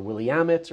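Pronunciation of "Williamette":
'Willamette' is pronounced incorrectly here.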